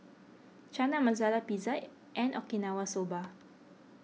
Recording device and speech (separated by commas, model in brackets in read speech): mobile phone (iPhone 6), read sentence